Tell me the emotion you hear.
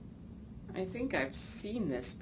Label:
disgusted